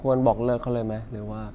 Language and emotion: Thai, frustrated